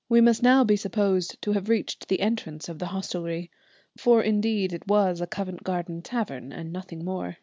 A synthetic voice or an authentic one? authentic